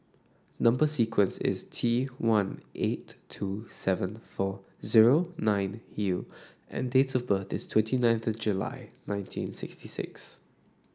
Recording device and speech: standing microphone (AKG C214), read sentence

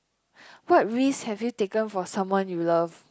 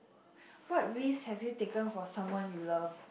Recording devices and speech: close-talking microphone, boundary microphone, conversation in the same room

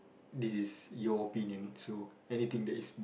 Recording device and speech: boundary microphone, conversation in the same room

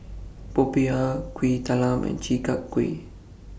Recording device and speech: boundary microphone (BM630), read sentence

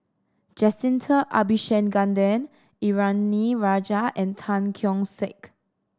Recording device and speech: standing microphone (AKG C214), read sentence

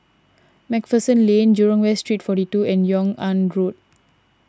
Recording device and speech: standing microphone (AKG C214), read sentence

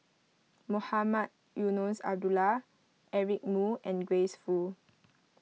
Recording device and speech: mobile phone (iPhone 6), read sentence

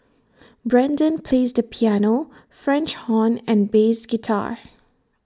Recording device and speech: standing microphone (AKG C214), read sentence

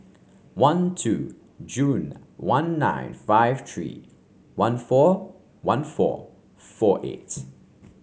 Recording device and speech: mobile phone (Samsung C5), read sentence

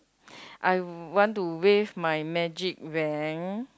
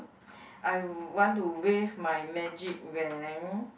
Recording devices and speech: close-talking microphone, boundary microphone, conversation in the same room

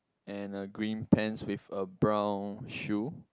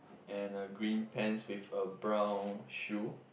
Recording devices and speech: close-talking microphone, boundary microphone, conversation in the same room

